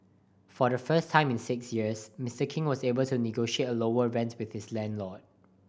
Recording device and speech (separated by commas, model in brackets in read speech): boundary microphone (BM630), read sentence